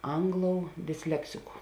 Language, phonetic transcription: Lithuanian, ˈangˌlou disˈleksiku

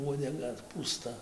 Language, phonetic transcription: Lithuanian, uodeˈga pūˈsta

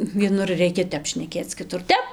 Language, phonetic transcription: Lithuanian, vieˈnur ˈreikia ˈtep šneˈkėc kiˈtur ˈtep

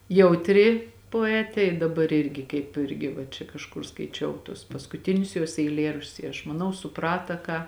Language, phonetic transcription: Lithuanian, jautˈri poˈetė i daˈbar ˈirgi kaip ˈirgi va čia kažˈkur skaiˈčiau tuos paskuˈtinius juos eiˈlėraščius i aš maˈnau suˈprata ˈką

